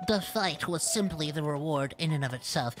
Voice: Nerd Voice